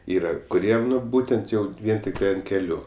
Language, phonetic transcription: Lithuanian, ˈyra kuˈriem ˈnu ˈbūtent ˈjau ˈvien tikˈtai ant keˈlių

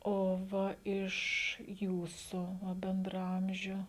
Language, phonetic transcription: Lithuanian, o ˈva iš ˈjūsu ˈva bendraˈamžiu

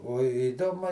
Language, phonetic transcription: Lithuanian, o iˈdomu

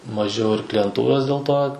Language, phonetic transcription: Lithuanian, maˈžiau ir klijenˈtūros dėl ˈto

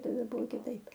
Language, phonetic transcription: Lithuanian, taˈda ˈbuvo kiˈtaip

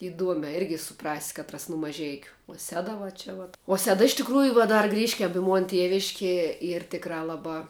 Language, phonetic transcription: Lithuanian, iˈduomē ˈirgi suˈprasi ˈkatras nu maˈžeikiu uo ˈseda va ˈčia vat uo ˈseda iš tikˈrųju vuo ˈdar ˈgrįškiam i ˈmon ˈtieviškie ˈyr ˈtikrā ˈlabā

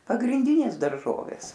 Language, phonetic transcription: Lithuanian, pagrinˈdinės darˈžovės

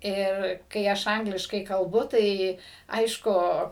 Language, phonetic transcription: Lithuanian, ir kai ˈaš ˈangliškai kalbu ˈtai ˈaišku

